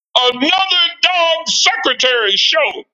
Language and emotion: English, angry